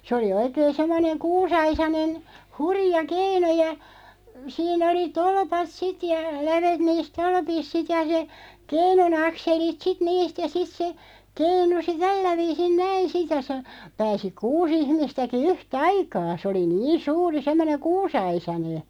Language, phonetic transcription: Finnish, se oli 'oikeen 'semmoneŋ "kuus₍aisanen , "hurⁱja 'keinu ja , 'sii'n ‿oli "tolpat "sit ja , 'lävet 'niis "tolpis sit ja se , "keinu'n ‿akselit sit 'niist ja 'sit se , 'keinusi "tällä 'viisin "näin̬ sit (ja se) , 'pääsi "kuu's ‿ihmistäki "yh"taikaa , sᵉ oli "niin 'suuri 'semmoneᵑ "kuusaisane .
- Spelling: se oli oikein semmoinen kuusiaisainen hurja keinu ja siinä oli tolpat sitten ja lävet niissä tolpissa sitten ja se keinun akselit sitten niistä ja sitten se keinui tällä viisiin näin sitten ja se pääsi kuusi ihmistäkin yhtä aikaa se oli niin suuri semmoinen kuusiaisainen

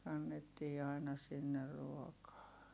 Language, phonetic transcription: Finnish, kannettii ài̮na sinner ruokaa .
- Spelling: kannettiin aina sinne ruokaa

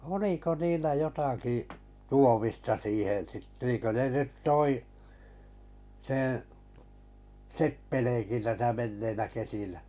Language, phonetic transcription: Finnish, 'oliko 'niillä 'jotakì , 'tuomista siihen̬ sit- niiŋkö ne 'nyt 'toi , seḛ , "seppeleenki täsä 'menneinä 'kesinä .
- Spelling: oliko niillä jotakin tuomista siihen - niin kuin ne nyt toi sen seppeleenkin tässä menneinä kesinä

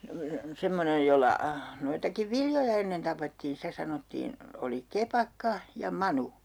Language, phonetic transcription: Finnish, 'semmonej jolla , 'noitakiv "viljoja ennen 'tapettiin̬ 'stä sanottiin , oli "kepakka , ja "manu .
- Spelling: semmoinen jolla noitakin viljoja ennen tapettiin sitä sanottiin oli kepakka ja manu

